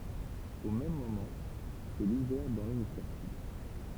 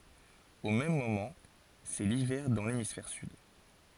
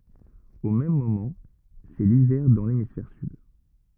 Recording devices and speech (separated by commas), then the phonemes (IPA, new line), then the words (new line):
temple vibration pickup, forehead accelerometer, rigid in-ear microphone, read sentence
o mɛm momɑ̃ sɛ livɛʁ dɑ̃ lemisfɛʁ syd
Au même moment, c'est l'hiver dans l'hémisphère sud.